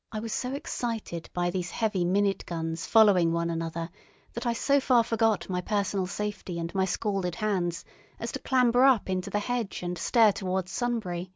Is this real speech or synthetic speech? real